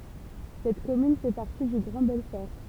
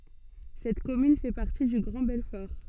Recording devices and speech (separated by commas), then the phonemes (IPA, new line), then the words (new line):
temple vibration pickup, soft in-ear microphone, read sentence
sɛt kɔmyn fɛ paʁti dy ɡʁɑ̃ bɛlfɔʁ
Cette commune fait partie du Grand Belfort.